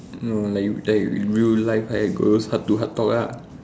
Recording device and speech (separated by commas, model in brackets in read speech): standing microphone, conversation in separate rooms